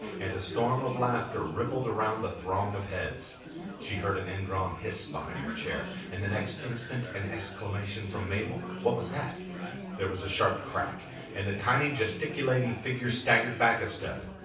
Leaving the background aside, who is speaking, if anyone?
One person.